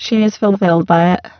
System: VC, spectral filtering